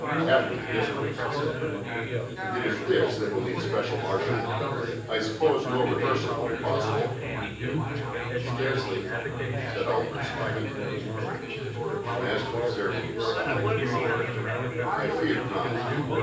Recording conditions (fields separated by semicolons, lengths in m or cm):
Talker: one person; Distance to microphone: 9.8 m; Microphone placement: far; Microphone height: 1.8 m; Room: large; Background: babble